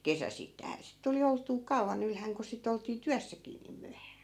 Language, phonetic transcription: Finnish, 'kesäsittäi̮hä sit 'tuli olt̆tuu "kau̬van ‿ylhäŋ ku si't ‿oltii "tyässäkii niim 'myähää .
- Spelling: kesäisittäinhän sitten tuli oltua kauan ylhäänä kun sitä oltiin työssäkin niin myöhään

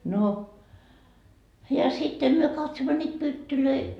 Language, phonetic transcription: Finnish, no , ja 'sitte myö 'katsommo ńiit "pyttylöi .
- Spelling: no ja sitten me katsomme niitä pyttyjä

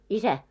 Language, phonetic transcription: Finnish, isä ?
- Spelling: isä

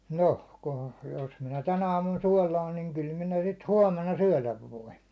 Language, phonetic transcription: Finnish, noh , ku- , jos minä 'tän ‿aamun 'suålaan niiŋ kyl 'minä sit "huåmena "syäₒläv 'voin̬ .
- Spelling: noh - jos minä tänä aamuna suolaan niin kyllä minä sitä huomenna syödä voin

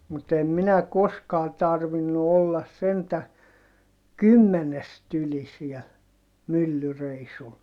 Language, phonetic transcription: Finnish, mut ‿em minä koskaa tarvinnu ollas sentä , kymmenest ‿yli siɛl , myllyreisul .
- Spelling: mutta en minä koskaan tarvinnut olla sentään kymmenestä yli siellä myllyreissulla

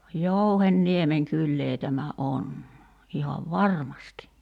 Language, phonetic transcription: Finnish, "Jouhen'niemeŋ 'kyllee 'tämä "’on , 'ihav "varmasti .
- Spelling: Jouhenniemen kylää tämä on ihan varmasti

